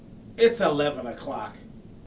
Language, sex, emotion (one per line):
English
male
disgusted